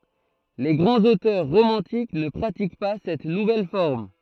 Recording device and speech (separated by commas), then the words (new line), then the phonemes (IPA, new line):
throat microphone, read sentence
Les grands auteurs romantiques ne pratiquent pas cette nouvelle forme.
le ɡʁɑ̃z otœʁ ʁomɑ̃tik nə pʁatik pa sɛt nuvɛl fɔʁm